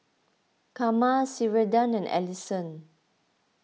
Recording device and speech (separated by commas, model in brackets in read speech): mobile phone (iPhone 6), read sentence